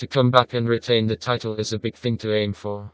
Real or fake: fake